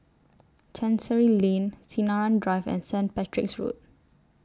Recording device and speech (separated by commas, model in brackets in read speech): standing microphone (AKG C214), read sentence